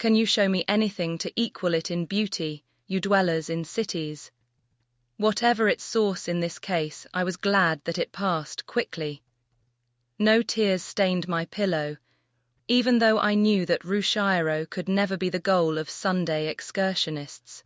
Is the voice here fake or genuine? fake